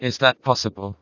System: TTS, vocoder